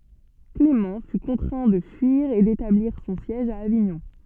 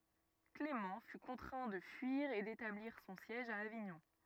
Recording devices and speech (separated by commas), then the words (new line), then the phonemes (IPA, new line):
soft in-ear microphone, rigid in-ear microphone, read sentence
Clément fut contraint de fuir et d'établir son siège à Avignon.
klemɑ̃ fy kɔ̃tʁɛ̃ də fyiʁ e detabliʁ sɔ̃ sjɛʒ a aviɲɔ̃